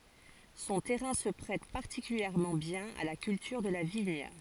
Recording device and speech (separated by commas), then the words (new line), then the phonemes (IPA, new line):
forehead accelerometer, read sentence
Son terrain se prête particulièrement bien à la culture de la vigne.
sɔ̃ tɛʁɛ̃ sə pʁɛt paʁtikyljɛʁmɑ̃ bjɛ̃n a la kyltyʁ də la viɲ